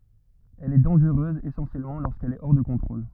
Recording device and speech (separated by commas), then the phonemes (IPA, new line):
rigid in-ear microphone, read sentence
ɛl ɛ dɑ̃ʒʁøz esɑ̃sjɛlmɑ̃ loʁskɛl ɛ ɔʁ də kɔ̃tʁol